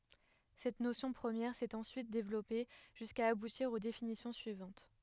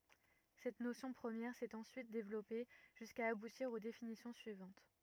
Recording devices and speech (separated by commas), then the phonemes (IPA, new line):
headset microphone, rigid in-ear microphone, read sentence
sɛt nosjɔ̃ pʁəmjɛʁ sɛt ɑ̃syit devlɔpe ʒyska abutiʁ o definisjɔ̃ syivɑ̃t